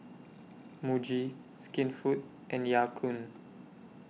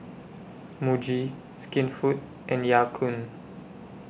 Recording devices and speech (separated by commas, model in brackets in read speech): mobile phone (iPhone 6), boundary microphone (BM630), read sentence